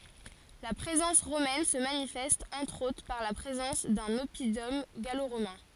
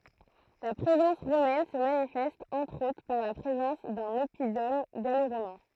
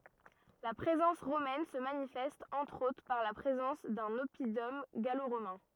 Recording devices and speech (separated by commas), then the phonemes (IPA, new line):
forehead accelerometer, throat microphone, rigid in-ear microphone, read sentence
la pʁezɑ̃s ʁomɛn sə manifɛst ɑ̃tʁ otʁ paʁ la pʁezɑ̃s dœ̃n ɔpidɔm ɡaloʁomɛ̃